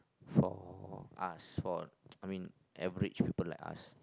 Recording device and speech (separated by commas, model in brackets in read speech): close-talking microphone, conversation in the same room